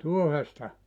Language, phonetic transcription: Finnish, "tuohesta ?
- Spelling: tuohesta

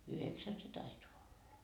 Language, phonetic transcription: Finnish, "yheksän se 'taitoa olla .
- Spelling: yhdeksän se taitaa olla

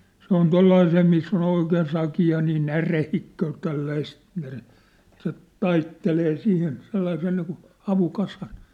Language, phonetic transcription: Finnish, se ‿on "tollaisee miss ‿o'n ‿oikeen 'saki₍a nii "närehikköö 'tälläist , näre- , se , "taittelee 'sihin 'sellaisen niikun̬ , 'havukasan .
- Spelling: se on tuollaiseen missä on oikein sakea niin näreikköä tällaista - se taittelee siihen sellaisen niin kuin havukasan

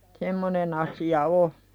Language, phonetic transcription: Finnish, 'semmonen ‿asi₍a "o .
- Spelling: semmoinen asia on

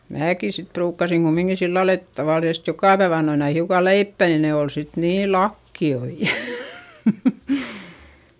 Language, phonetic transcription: Finnish, määki sit pruukkasiŋ kummiŋki sillal ‿et , tavàlisest jokà päev ‿annoin ‿ai hiuka leippä nin ne ol sit niil lakki₍oi .
- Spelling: minäkin sitten ruukasin kummikin sillä lailla että tavallisesti joka päivä annoin aina hiukan leipää niin ne oli sitten niin lakioita

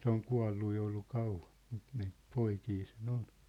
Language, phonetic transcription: Finnish, 'se ‿oŋ 'kua̭llu jo ollu 'kauvan̬ , ᴍᴜt niit 'poikii se'n ‿on .
- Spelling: se on kuollut jo ollut kauan mutta niitä poikia sen on

